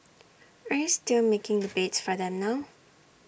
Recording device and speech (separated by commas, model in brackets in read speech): boundary microphone (BM630), read sentence